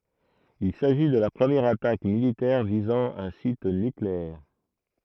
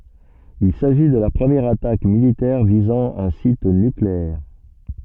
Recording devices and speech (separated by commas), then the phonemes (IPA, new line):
throat microphone, soft in-ear microphone, read sentence
il saʒi də la pʁəmjɛʁ atak militɛʁ vizɑ̃ œ̃ sit nykleɛʁ